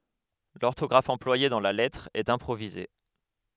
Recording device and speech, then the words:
headset microphone, read sentence
L'orthographe employée dans la lettre est improvisée.

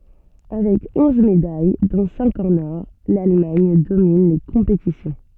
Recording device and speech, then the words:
soft in-ear microphone, read sentence
Avec onze médailles, dont cinq en or, l'Allemagne domine les compétitions.

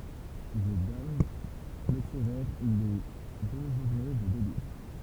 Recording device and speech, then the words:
temple vibration pickup, read sentence
The Damned clôturèrent les deux journées de délires.

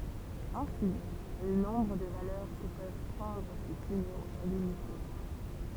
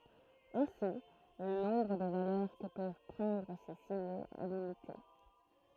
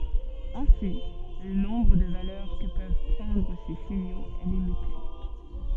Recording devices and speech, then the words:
temple vibration pickup, throat microphone, soft in-ear microphone, read sentence
Ainsi, le nombre de valeurs que peuvent prendre ces signaux est limité.

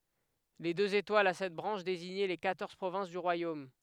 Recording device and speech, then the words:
headset microphone, read sentence
Les deux étoiles a sept branches désignaient les quatorze provinces du royaume.

